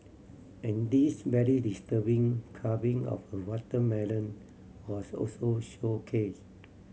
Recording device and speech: mobile phone (Samsung C7100), read sentence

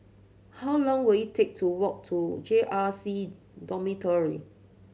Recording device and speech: mobile phone (Samsung C7100), read sentence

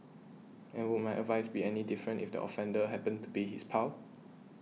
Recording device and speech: mobile phone (iPhone 6), read sentence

